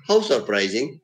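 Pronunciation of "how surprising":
'How surprising' is said with a low fall. The tone is mild, as if it is not really surprising.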